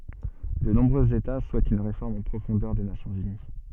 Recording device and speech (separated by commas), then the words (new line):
soft in-ear microphone, read sentence
De nombreux États souhaitent une réforme en profondeur des Nations unies.